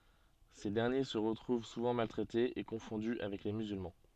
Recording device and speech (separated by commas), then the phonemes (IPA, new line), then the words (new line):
soft in-ear microphone, read sentence
se dɛʁnje sə ʁətʁuv suvɑ̃ maltʁɛtez e kɔ̃fɔ̃dy avɛk le myzylmɑ̃
Ces derniers se retrouvent souvent maltraités et confondus avec les musulmans.